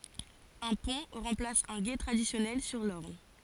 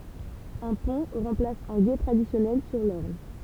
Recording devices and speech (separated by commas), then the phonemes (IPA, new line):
forehead accelerometer, temple vibration pickup, read sentence
œ̃ pɔ̃ ʁɑ̃plas œ̃ ɡe tʁadisjɔnɛl syʁ lɔʁn